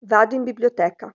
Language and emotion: Italian, neutral